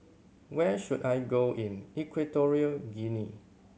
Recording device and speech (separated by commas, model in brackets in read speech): mobile phone (Samsung C7100), read sentence